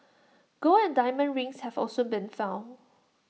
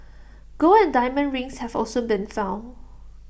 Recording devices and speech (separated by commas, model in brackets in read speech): mobile phone (iPhone 6), boundary microphone (BM630), read sentence